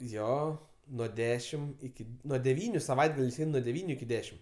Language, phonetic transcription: Lithuanian, ˈjo nuo ˈdešim iˈki nuo deˈvyniu saˈvaitgaliais ˈein nuo deˈvyniu iki ˈdešim

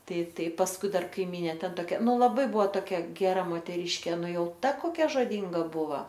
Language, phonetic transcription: Lithuanian, tai ˈtai pasˈkui ˈdar kaiˈmynė ˈten toˈkia ˈnu laˈbai ˈbuvo toˈkia geˈra moteˈryškė ˈnu ˈjau ˈta koˈkia žoˈdynga ˈbuva

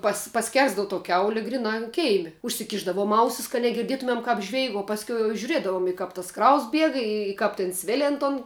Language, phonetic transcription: Lithuanian, pas paˈskersdavu to ˈkiauli ˈgrinā an ˈkeimi užsiˈkišdavuom ˈausis kad negirˈdietumem ˈkāp ˈžveig o ˈpaskiau jau žiuˈriedavom i ˈkap tas ˈkraus ˈbieg i ˈkap tėn ˈsvėlin ton

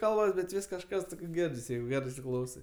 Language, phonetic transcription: Lithuanian, ˈkalbas bet ˈvis kažˈkas toksˈgirdis ˈjeigu ˈgerɜ isiˈklausai

